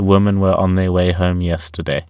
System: none